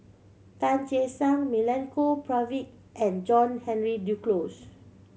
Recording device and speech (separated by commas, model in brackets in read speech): mobile phone (Samsung C7100), read sentence